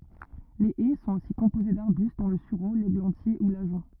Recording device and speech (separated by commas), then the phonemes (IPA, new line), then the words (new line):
rigid in-ear microphone, read sentence
le ɛ sɔ̃t osi kɔ̃poze daʁbyst dɔ̃ lə syʁo leɡlɑ̃tje u laʒɔ̃
Les haies sont aussi composées d’arbustes dont le sureau, l’églantier ou l’ajonc.